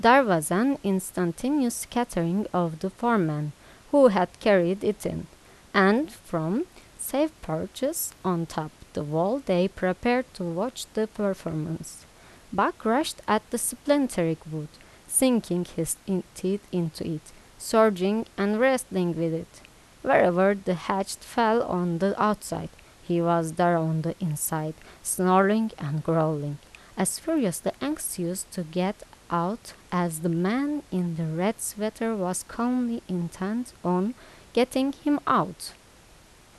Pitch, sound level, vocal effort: 190 Hz, 82 dB SPL, normal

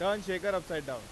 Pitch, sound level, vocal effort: 185 Hz, 99 dB SPL, very loud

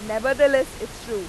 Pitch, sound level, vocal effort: 270 Hz, 98 dB SPL, loud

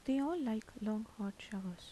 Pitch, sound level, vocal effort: 215 Hz, 78 dB SPL, soft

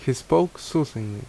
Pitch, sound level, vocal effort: 130 Hz, 77 dB SPL, loud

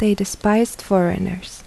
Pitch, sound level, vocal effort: 195 Hz, 75 dB SPL, soft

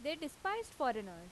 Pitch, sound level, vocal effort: 295 Hz, 89 dB SPL, very loud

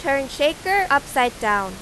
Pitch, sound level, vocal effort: 275 Hz, 95 dB SPL, very loud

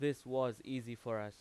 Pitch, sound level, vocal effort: 125 Hz, 91 dB SPL, very loud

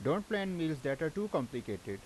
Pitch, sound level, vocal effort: 155 Hz, 87 dB SPL, loud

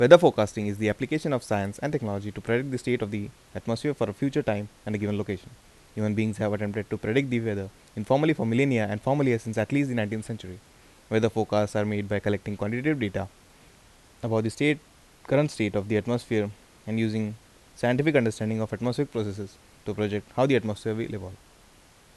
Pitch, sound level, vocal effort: 110 Hz, 83 dB SPL, normal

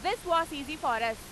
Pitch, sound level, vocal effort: 310 Hz, 102 dB SPL, very loud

